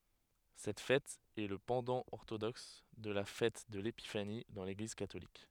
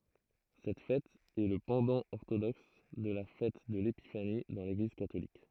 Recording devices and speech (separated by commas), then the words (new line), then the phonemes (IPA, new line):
headset microphone, throat microphone, read sentence
Cette fête est le pendant orthodoxe de la fête de l'Épiphanie dans l'Église catholique.
sɛt fɛt ɛ lə pɑ̃dɑ̃ ɔʁtodɔks də la fɛt də lepifani dɑ̃ leɡliz katolik